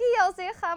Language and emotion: Thai, happy